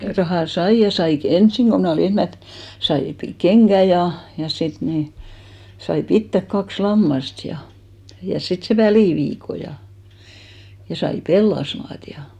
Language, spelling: Finnish, rahaa sain ja sain - ensin kun minä olin ensimmäiset sai - kengät ja ja sitten niin sai pitää kaksi lammasta ja ja sitten sen väliviikon ja sai pellasmaata ja
- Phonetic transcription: 'rahà "saij ja 'sai kᵉ- "ensiŋ ɢo mnä̀ olì 'enhmät , 'sai pi- , "keŋɢä ja , ja 'sit ni , sai "pittäk 'kaks "lammast ja , ja 'sit se "välìviiko ja , sai "pellasmaat ja .

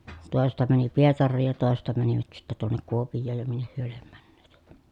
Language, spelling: Finnish, toisesta meni Pietariin ja toisesta menivät sitten tuonne Kuopioon ja minne he lie menneet
- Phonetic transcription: tòesesta mäni Pietarriij ja tòesesta mänivät sittä tuonnek Kuopij̆jooj ja minneh hyö liem mÄNNEEt .

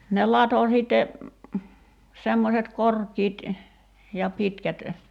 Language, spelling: Finnish, ne latoi sitten semmoiset korkit ja pitkät
- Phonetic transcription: ne 'lato sìtte , 'semmoset "korkiit , ja 'pitkät ,.

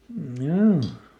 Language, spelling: Finnish, joo
- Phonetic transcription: ˈm̥joo .

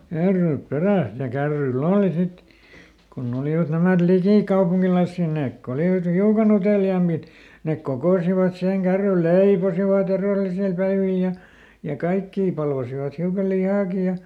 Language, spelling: Finnish, kärryt perässä ja kärryillä oli sitten kun olivat nämä likikaupunkilaisia ne kun olivat hiukan uteliaampia ne kokosivat siihen kärryille leipoivat edellisellä päivillä ja ja kaikkia palvasivat hiukan lihaakin ja
- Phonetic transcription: ˈkärryyp ˈperä̀s ja ˈkärryi"l ‿ooli sit , konˈn ‿olivat nämät "likìkaupuŋkilaⁱssì , ˈneek ko ˈolivat "hiukaˈn ‿uteliaammit , nek ˈkokòsivat siheŋ ˈkärryl "leiposivaˈt ‿erèl̆lisel päivil ja , ja "kaikkii ˈpalvasivat hiuka "lihaaki ja ,.

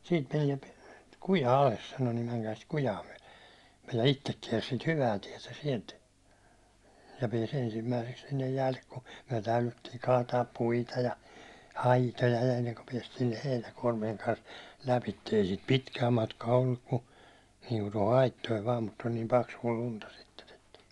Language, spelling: Finnish, siitä meni kuja alas sanoi niin menkää sitä kujaa myöten me ja itse kiersi sitä hyvää tietä sieltä ja pääsi ensimmäiseksi sinne jäälle kun me täydyttiin kaataa puita ja aitoja ennen kuin päästiin heinäkuormien kanssa läpi ei siitä pitkää matkaa ollut kun niin kuin tuohon aittoihin vain mutta oli niin paksua lunta sitten että
- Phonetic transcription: » siit menie , "kuja 'ales « sano » nim 'mäŋkää sit 'kujaa myäₒle « , m(ej) ja 'ittek kiɛrs sit 'hyvää tiɛtä 'sielt , ja 'pies 'ensimmäiseks sinnej 'jäälle ku , myäₒ "täylyttiiŋ kaataap "puita ja , "aitoja enneŋku 'piɛstii 'heinäkuårmieŋ kans , 'läpitte , ei siit "pitkää 'matkaa olluk ku , niiŋku toho 'aittoiv vaam mut oĺ nim 'paksuå 'lunta sitten ‿että .

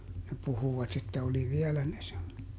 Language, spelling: Finnish, ne puhuivat että oli vielä ne -
- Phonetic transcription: ne ˈpuhuvat että oli "viɛlä ne sem- ,.

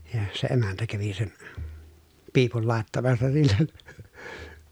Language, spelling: Finnish, ja se emäntä kävi sen piipun laittamassa sille
- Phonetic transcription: ja , se emäntä kävi sen , piipul làettamassa sillen̬ .

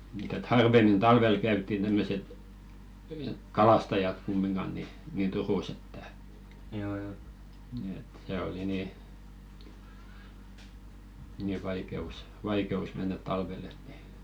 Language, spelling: Finnish, mutta että harvemmin talvella käytiin tämmöiset kalastajat kumminkaan niin niin Turussa että että se oli niin niin vaikeus vaikeus mennä talvella että niin
- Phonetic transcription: mᴜt ‿et 'harvemmin 'talvel käyttin tämmöset , "kalastajat 'kumminɢan ni , nìn "Turùs ‿että , et 'se oli nì , nì vaike₍us , 'vaike₍us mennät 'talvel̆l ‿et ni .

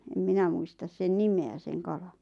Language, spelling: Finnish, en minä muista sen nimeä sen kalan
- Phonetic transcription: em 'minä muistas 'sen "nime₍ä 'sen 'kalaɴ .

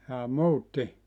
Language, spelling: Finnish, jaa muutti
- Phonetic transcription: jaa "muutti ?

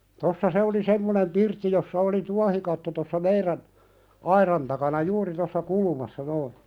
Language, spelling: Finnish, tuossa se oli semmoinen pirtti jossa oli tuohikatto tuossa meidän aidan takana juuri tuossa kulmassa noin
- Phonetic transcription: 'tossa "se oli "semmonem 'pirtti jossa oli "tuahikatto tossa 'meirän , "airan takana "juuri tossa 'kulumassa noi .

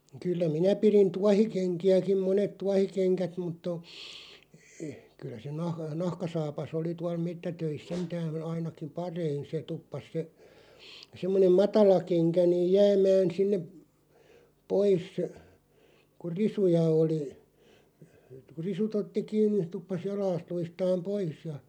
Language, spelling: Finnish, kyllä minä pidin tuohikenkiäkin monet tuohikengät mutta on kyllä se - nahkasaapas oli tuolla metsätöissä sentään ainakin parhain se tuppasi se semmoinen matala kenkä niin jäämään sinne pois kun risuja oli kun risut otti kiinni se tuppasi jalasta luistamaan pois ja
- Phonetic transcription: 'kyllä "minä pirin "tuahikeŋki₍äkiᵐ "monet 'tuahikeŋkät mutt ‿o , 'kyl̆lä se 'nah- "nahkasaapas ‿oli 'tual 'mettätöis "sentää"n ‿ainakiᵐ "parein̬ se 'tuppas se , 'semmonem "matala 'keŋkä niiʲ "jäämään̬ 'sinneˀ§ , "pois , ku "risuja 'oli , ku "risut ‿otti 'kiinniˢ (se) 'tuppas "jalaast 'luistaam "pois ja ,.

